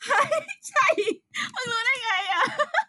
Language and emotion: Thai, happy